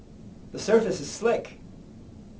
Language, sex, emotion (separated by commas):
English, male, neutral